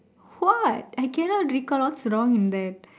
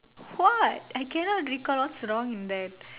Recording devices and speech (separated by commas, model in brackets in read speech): standing microphone, telephone, conversation in separate rooms